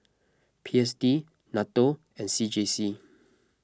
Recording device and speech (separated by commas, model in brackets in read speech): close-talking microphone (WH20), read sentence